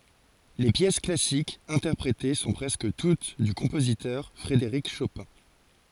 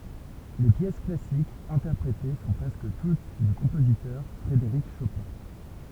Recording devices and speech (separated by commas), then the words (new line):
forehead accelerometer, temple vibration pickup, read sentence
Les pièces classiques interprétées sont presque toutes du compositeur Frédéric Chopin.